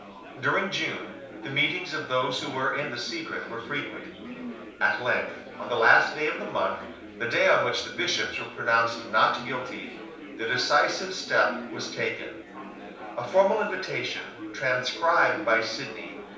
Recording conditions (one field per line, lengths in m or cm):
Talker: one person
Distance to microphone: 3.0 m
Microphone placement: far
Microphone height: 1.8 m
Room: small (3.7 m by 2.7 m)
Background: babble